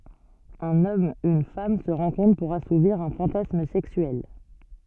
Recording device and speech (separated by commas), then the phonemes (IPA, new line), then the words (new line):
soft in-ear microphone, read sentence
œ̃n ɔm yn fam sə ʁɑ̃kɔ̃tʁ puʁ asuviʁ œ̃ fɑ̃tasm sɛksyɛl
Un homme, une femme se rencontrent pour assouvir un fantasme sexuel.